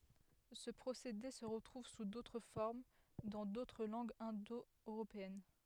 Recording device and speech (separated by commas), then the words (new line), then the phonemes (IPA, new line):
headset microphone, read sentence
Ce procédé se retrouve sous d'autres formes dans d'autres langues indo-européennes.
sə pʁosede sə ʁətʁuv su dotʁ fɔʁm dɑ̃ dotʁ lɑ̃ɡz ɛ̃do øʁopeɛn